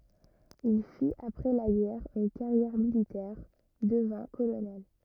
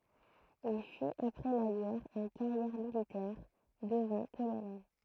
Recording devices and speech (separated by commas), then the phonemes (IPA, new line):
rigid in-ear microphone, throat microphone, read sentence
il fit apʁɛ la ɡɛʁ yn kaʁjɛʁ militɛʁ dəvɛ̃ kolonɛl